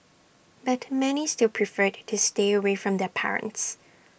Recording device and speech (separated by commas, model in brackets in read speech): boundary microphone (BM630), read sentence